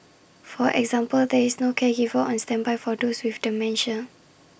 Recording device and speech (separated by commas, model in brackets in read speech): boundary microphone (BM630), read sentence